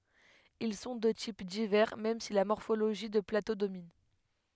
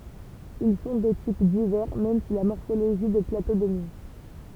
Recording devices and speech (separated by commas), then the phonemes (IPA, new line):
headset microphone, temple vibration pickup, read sentence
il sɔ̃ də tip divɛʁ mɛm si la mɔʁfoloʒi də plato domin